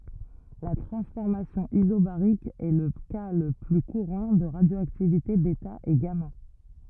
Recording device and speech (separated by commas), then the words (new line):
rigid in-ear microphone, read sentence
La transformation isobarique est le cas le plus courant de radioactivité bêta et gamma.